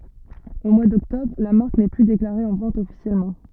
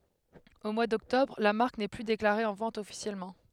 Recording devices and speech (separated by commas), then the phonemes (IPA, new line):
soft in-ear microphone, headset microphone, read sentence
o mwa dɔktɔbʁ la maʁk nɛ ply deklaʁe ɑ̃ vɑ̃t ɔfisjɛlmɑ̃